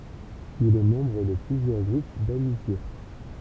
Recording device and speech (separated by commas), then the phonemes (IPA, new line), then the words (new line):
temple vibration pickup, read sentence
il ɛ mɑ̃bʁ də plyzjœʁ ɡʁup damitje
Il est membre de plusieurs groupes d'amitié.